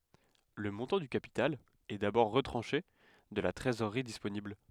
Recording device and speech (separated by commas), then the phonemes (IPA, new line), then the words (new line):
headset microphone, read sentence
lə mɔ̃tɑ̃ dy kapital ɛ dabɔʁ ʁətʁɑ̃ʃe də la tʁezoʁʁi disponibl
Le montant du capital est d'abord retranché de la trésorerie disponible.